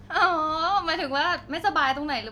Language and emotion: Thai, happy